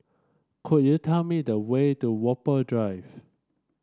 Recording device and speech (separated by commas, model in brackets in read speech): standing microphone (AKG C214), read sentence